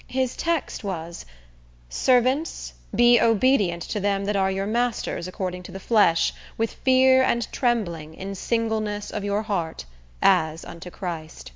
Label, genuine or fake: genuine